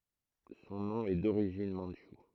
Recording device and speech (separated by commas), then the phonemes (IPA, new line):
throat microphone, read sentence
sɔ̃ nɔ̃ ɛ doʁiʒin mɑ̃dʃu